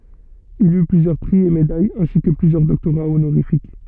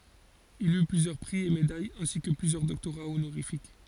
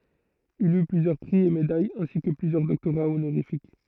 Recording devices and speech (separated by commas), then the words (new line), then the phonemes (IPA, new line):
soft in-ear microphone, forehead accelerometer, throat microphone, read sentence
Il eut plusieurs prix et médailles ainsi que plusieurs doctorats honorifiques.
il y plyzjœʁ pʁi e medajz ɛ̃si kə plyzjœʁ dɔktoʁa onoʁifik